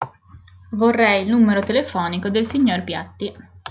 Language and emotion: Italian, neutral